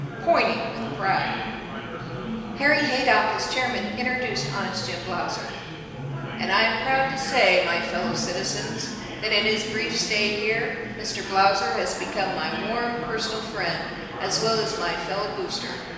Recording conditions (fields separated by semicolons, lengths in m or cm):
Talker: one person; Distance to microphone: 1.7 m; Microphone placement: close; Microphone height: 1.0 m; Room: very reverberant, large; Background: babble